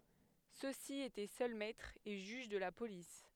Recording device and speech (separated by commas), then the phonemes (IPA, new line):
headset microphone, read sentence
sø si etɛ sœl mɛtʁz e ʒyʒ də la polis